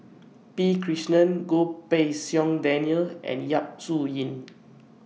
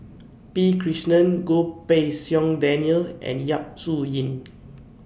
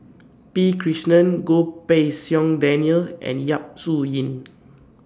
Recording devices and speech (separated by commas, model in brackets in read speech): mobile phone (iPhone 6), boundary microphone (BM630), standing microphone (AKG C214), read sentence